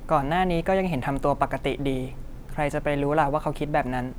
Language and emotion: Thai, neutral